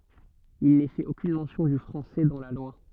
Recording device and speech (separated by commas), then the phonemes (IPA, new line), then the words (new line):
soft in-ear microphone, read sentence
il nɛ fɛt okyn mɑ̃sjɔ̃ dy fʁɑ̃sɛ dɑ̃ la lwa
Il n'est fait aucune mention du français dans la loi.